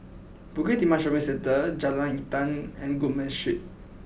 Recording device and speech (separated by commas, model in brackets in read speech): boundary microphone (BM630), read sentence